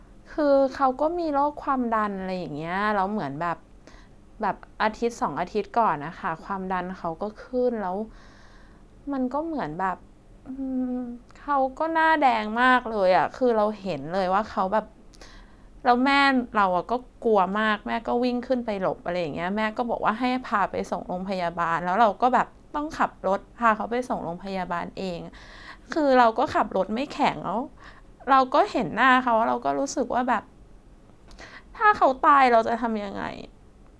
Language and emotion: Thai, sad